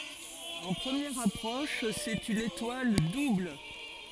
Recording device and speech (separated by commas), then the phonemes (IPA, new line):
forehead accelerometer, read sentence
ɑ̃ pʁəmjɛʁ apʁɔʃ sɛt yn etwal dubl